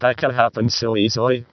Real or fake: fake